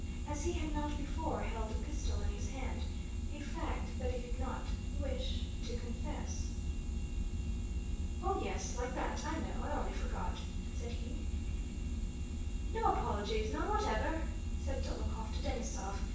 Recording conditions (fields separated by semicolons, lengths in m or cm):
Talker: one person; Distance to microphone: 9.8 m; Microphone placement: far; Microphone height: 1.8 m; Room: large; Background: none